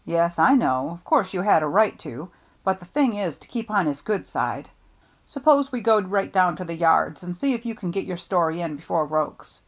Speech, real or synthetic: real